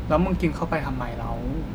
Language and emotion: Thai, frustrated